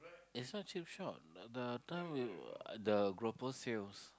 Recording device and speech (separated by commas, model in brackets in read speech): close-talking microphone, conversation in the same room